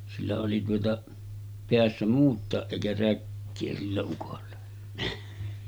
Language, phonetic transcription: Finnish, sillä oli tuota , 'peässä "muut̆tàeˀ ˀèikä 'räkkee sillä ukolla .
- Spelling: sillä oli tuota päässä muutakin eikä räkää sillä ukolla

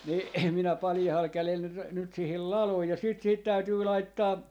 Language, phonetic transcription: Finnish, ni , minä 'paljahal 'kälel nyt n- , nyt sihil "laloj ja siit sihit 'täytyy 'laittaa , .
- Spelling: niin minä paljaalla kädellä nyt - nyt siihen ladoin ja sitten siihen täytyy laittaa

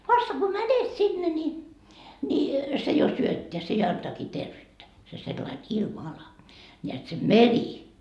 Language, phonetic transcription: Finnish, vasta ko "mänet 'sinne ńi , ńi , se jo 'syötteä se ja 'antaakii "tervyyttä , se sellain "ilma₍ala , ńeät se "meri .
- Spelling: vasta kun menet sinne niin niin se jo syöttää se ja antaakin terveyttä se sellainen ilmanala näet se meri

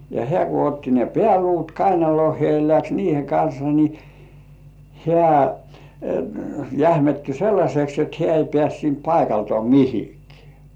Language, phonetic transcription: Finnish, ja 'hĕä̀ ku otti ne "pĕä̀luut 'kainaloh̆hĭè ja läks "niihe 'kansa ni , "hĕä̀ , 'jähmetty "sellaśeks et hĕä̀ ei pĕä̀st siint 'paikaltŏà "mihikᴇᴀ̈ .
- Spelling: ja hän kun otti ne pääluut kainaloonsa ja lähti niiden kanssa niin hän jähmettyi sellaiseksi että hän ei päässyt siitä paikaltaan mihinkään

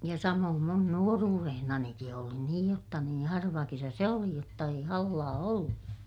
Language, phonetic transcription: Finnish, ja samoom mun nuoruurehnaniki oli niij jotta niḭ harva kesä se oli jotta ei hallaa ollu .
- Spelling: ja samoin minun nuoruudessanikin oli niin jotta niin harva kesä se oli jotta ei hallaa ollut

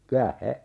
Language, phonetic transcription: Finnish, kyä 'he ,.
- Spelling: kyllä se

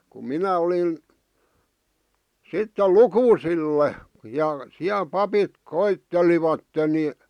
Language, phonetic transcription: Finnish, ku "minä olin̬ , 'sitte "lukuusille , ja siäl 'papit 'koittelivatten ni ,.
- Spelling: kun minä olin sitten lukusille ja siellä papit koettelivat niin

